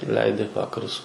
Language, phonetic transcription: Lithuanian, ˈleidi ˈvakarus

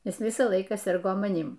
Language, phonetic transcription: Lithuanian, ˈjis ˈvisą ˈlaiką ˈsirgo maˈnym

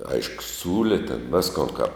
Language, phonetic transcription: Lithuanian, ˈaišku ˈsiūli ten ˈviskon kap

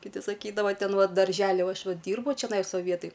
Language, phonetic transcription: Lithuanian, kiˈti saˈkydava ˈten ˈva daržeˈli uo ˈaš ˈva ˈdyrbu čeˈnais ˈva ˈvietaj

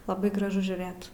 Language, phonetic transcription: Lithuanian, laˈbai graˈžu žiūˈrɘt

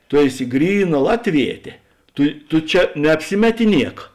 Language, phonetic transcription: Lithuanian, ˈtu ˈeˌsi ˈgryˌna ˈlatˌvietė ˈtu tu ˈčia neapˈsimetiˌniek

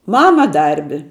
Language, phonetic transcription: Lithuanian, ˈmama ˈdarbi

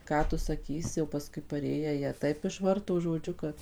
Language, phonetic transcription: Lithuanian, ˈką tu saˈkysi jau paˈskui paˈrėję ˈjie ˈtaip išvarto žoˈdžiu kad

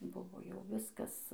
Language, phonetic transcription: Lithuanian, ˈbuvo jau ˈviskas

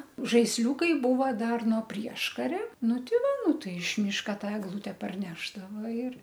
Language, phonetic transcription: Lithuanian, žaisˈliūkai ˈbūva ˈdar no ˈprieškaria ˈnu tiˈva ˈnu ˈtai iš ˈmyška ˈta egˈlute parˈnešdavo ir

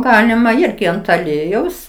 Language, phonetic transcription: Lithuanian, ˈgalima ˈirgi ant aˈliejaus

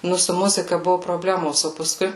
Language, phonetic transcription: Lithuanian, ˈnu su ˈmuzika ˈbuvu proˈblemos o paˈskui

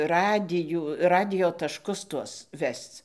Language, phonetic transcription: Lithuanian, ˈradijų ˈradijo tašˈkus ˈtuos ˈvesc

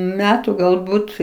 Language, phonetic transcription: Lithuanian, ˈmetu galˈbūt

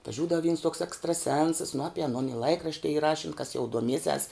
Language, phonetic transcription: Lithuanian, atvaˈžiūdavo vyns toks ekstraˈsensas nu ˈapi aˈnon i ˈlaikrašti y ˈrašin kas jau duoˈmiesias

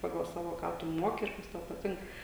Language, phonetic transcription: Lithuanian, ˈpagal ˈsavo ˈką tu ˈmuoki ir ˈkas tau paˈtink

